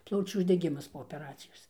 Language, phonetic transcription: Lithuanian, ˈplaučių uždeˈgimas po opeˈracijos

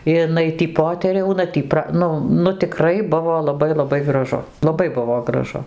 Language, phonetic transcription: Lithuanian, iˈnai ˈtį ˈpoteriauna ˈtį ˈpra ˈnu nu tiˈkrai ˈbuvo laˈbai laˈbai graˈžu laˈbai ˈbuvo graˈžu

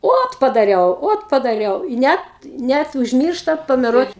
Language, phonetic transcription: Lithuanian, ˈot padaˈriau ˈot padaˈriau i ˈnet ˈnæt užˈmyršta pameˈruot

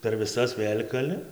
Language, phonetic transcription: Lithuanian, per viˈsas ˈvėl' kaˈli

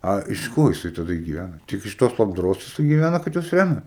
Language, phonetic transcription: Lithuanian, ˈa iš ˈko jiˈsai taˈda gyˈvæna tik iš ˈtos labdaˈros jiˈsai gyˈvæna kad ˈjuos ˈræmia

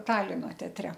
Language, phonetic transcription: Lithuanian, ˈtalino teaˈtre

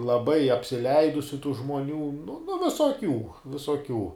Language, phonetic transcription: Lithuanian, laˈbai apsiˈleidusiu tų žmoˈnių nu visoˈkių visoˈkių

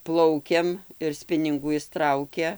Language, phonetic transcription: Lithuanian, ˈplaukiam ir ˈspiningų ˈis ˈtraukia

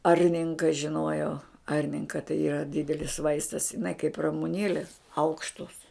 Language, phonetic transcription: Lithuanian, ˈarninka žiˈnuojau ˈarninka tai yˈra ˈdidelis ˈvaistas iˈnai kaip ramuˈnėlės ˈaukštos

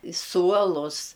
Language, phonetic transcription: Lithuanian, i ˈsuolus

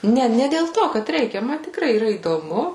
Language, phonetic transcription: Lithuanian, ˈne ne dėl ˈto kad ˈreikia ˈma tikˈrai yˈra įdoˈmu

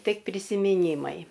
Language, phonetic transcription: Lithuanian, tik prisimiˈnymai

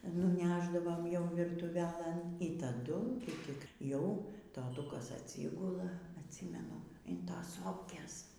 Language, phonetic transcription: Lithuanian, nuˈnešdavom ˈjau virtuˈvelɘn y taˈdu ˈtik ˈjau toˈtukas aˈtsygula atˈsymenu in ˈtos ˈsopkės

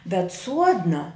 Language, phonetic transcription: Lithuanian, bet ˈsuodna

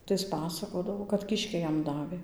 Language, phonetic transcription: Lithuanian, tai ˈis ˈpasakodavo kad kišˈkiai ˈjam ˈdavė

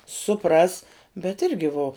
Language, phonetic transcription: Lithuanian, suˈpras bet ˈirgi vo

